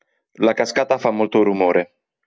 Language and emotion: Italian, neutral